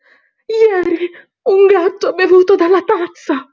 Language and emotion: Italian, fearful